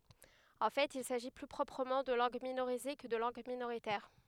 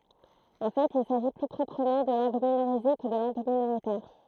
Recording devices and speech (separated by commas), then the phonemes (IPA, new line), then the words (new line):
headset microphone, throat microphone, read sentence
ɑ̃ fɛt il saʒi ply pʁɔpʁəmɑ̃ də lɑ̃ɡ minoʁize kə də lɑ̃ɡ minoʁitɛʁ
En fait, il s'agit plus proprement de langues minorisées que de langues minoritaires.